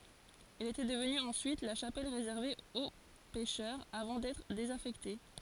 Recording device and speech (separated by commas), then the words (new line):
forehead accelerometer, read sentence
Elle était devenue ensuite la chapelle réservée aux pêcheurs avant d'être désaffectée.